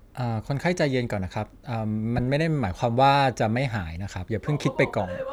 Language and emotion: Thai, neutral